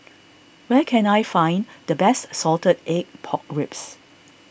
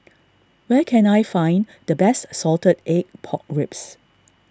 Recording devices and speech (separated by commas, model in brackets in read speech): boundary microphone (BM630), standing microphone (AKG C214), read sentence